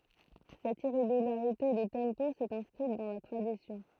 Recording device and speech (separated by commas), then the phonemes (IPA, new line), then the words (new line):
throat microphone, read sentence
sɛt iʁeɡylaʁite də tɑ̃po sɛt ɛ̃skʁit dɑ̃ la tʁadisjɔ̃
Cette irrégularité de tempo s'est inscrite dans la tradition.